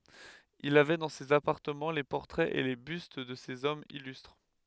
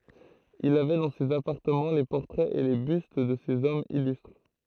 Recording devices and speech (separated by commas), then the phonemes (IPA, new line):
headset microphone, throat microphone, read sentence
il avɛ dɑ̃ sez apaʁtəmɑ̃ le pɔʁtʁɛz e le byst də sez ɔmz ilystʁ